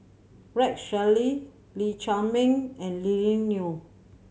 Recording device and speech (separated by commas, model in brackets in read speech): mobile phone (Samsung C7100), read sentence